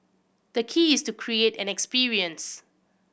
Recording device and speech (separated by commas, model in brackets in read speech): boundary microphone (BM630), read sentence